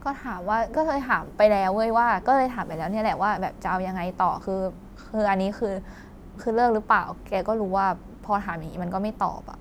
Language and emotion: Thai, frustrated